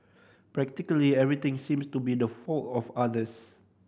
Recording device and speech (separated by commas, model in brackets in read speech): boundary microphone (BM630), read sentence